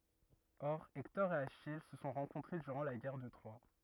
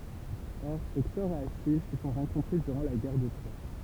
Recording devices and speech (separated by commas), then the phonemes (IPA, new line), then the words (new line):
rigid in-ear microphone, temple vibration pickup, read sentence
ɔʁ ɛktɔʁ e aʃij sə sɔ̃ ʁɑ̃kɔ̃tʁe dyʁɑ̃ la ɡɛʁ də tʁwa
Or Hector et Achille se sont rencontrés durant la Guerre de Troie.